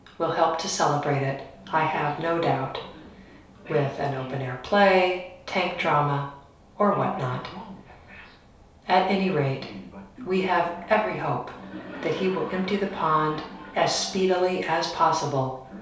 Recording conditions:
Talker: one person; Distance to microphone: 3.0 m; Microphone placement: far; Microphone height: 1.8 m; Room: small (3.7 m by 2.7 m); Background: television

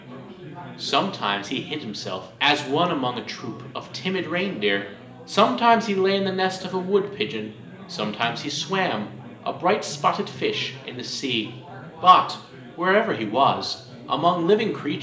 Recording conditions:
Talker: one person; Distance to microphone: 1.8 m; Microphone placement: close; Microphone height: 1.0 m; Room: large; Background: babble

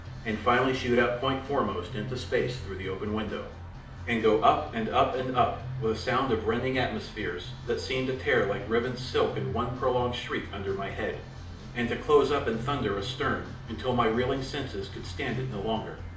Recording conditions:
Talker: one person; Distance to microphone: 2.0 m; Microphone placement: close; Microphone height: 99 cm; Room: medium-sized (5.7 m by 4.0 m); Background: music

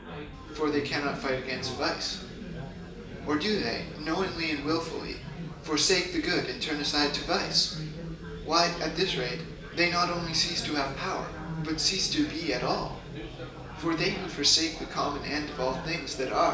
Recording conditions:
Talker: one person; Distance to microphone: 1.8 m; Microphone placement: close; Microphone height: 1.0 m; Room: large; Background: babble

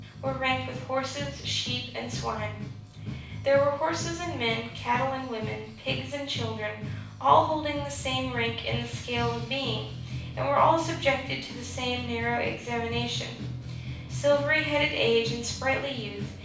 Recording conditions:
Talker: one person; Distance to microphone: 5.8 m; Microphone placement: far; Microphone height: 1.8 m; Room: medium-sized (5.7 m by 4.0 m); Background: music

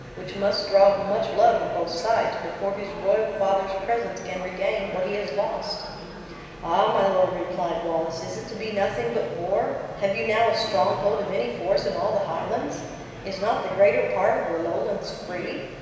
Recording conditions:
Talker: one person; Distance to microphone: 1.7 m; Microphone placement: close; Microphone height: 1.0 m; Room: very reverberant, large; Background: babble

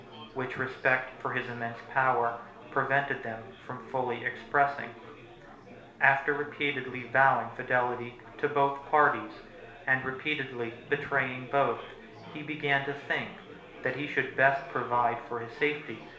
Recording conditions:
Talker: one person; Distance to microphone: 1.0 m; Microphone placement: close; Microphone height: 1.1 m; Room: small (3.7 m by 2.7 m); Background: babble

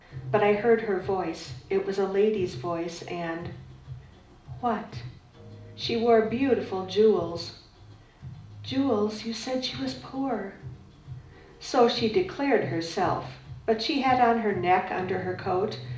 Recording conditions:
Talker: one person; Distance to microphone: 2.0 m; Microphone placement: close; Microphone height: 99 cm; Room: medium-sized (5.7 m by 4.0 m); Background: music

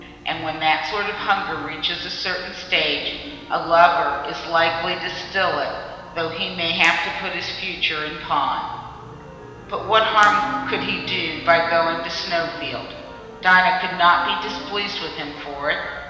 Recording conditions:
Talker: one person; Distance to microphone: 1.7 m; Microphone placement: close; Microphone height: 1.0 m; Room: very reverberant, large; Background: music

